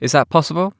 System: none